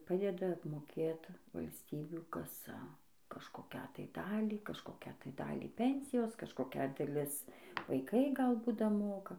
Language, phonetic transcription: Lithuanian, ˈpadeda apmoˈkėt valsˈtybių ˈkasa kažkoˈkią tai ˈdalį kažkoˈkią tai ˈdalį ˈpensijos kažkoˈkia daˈlis vaiˈkai ˈgal ˈbūt daˈmoka

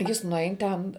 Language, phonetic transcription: Lithuanian, ˈjis nuˈein ten

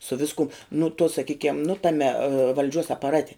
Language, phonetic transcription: Lithuanian, su ˈviskum nu tuo saˈkykiam nu ˈtame valˈdžiuos apaˈrate

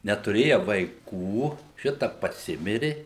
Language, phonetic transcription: Lithuanian, netuˈrėja vaiˈkų ˈšita paˈsimiri

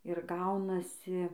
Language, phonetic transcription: Lithuanian, ir ˈgaunasi

